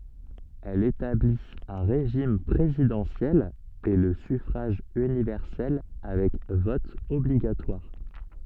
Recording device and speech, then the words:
soft in-ear microphone, read sentence
Elle établit un régime présidentiel et le suffrage universel avec vote obligatoire.

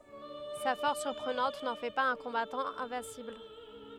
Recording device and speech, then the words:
headset microphone, read sentence
Sa force surprenante n'en fait pas un combattant invincible.

